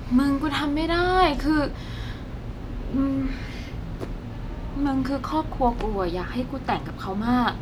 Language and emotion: Thai, frustrated